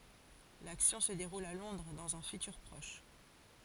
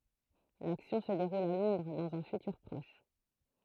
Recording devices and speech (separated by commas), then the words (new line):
forehead accelerometer, throat microphone, read sentence
L’action se déroule à Londres, dans un futur proche.